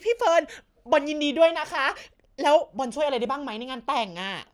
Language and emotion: Thai, happy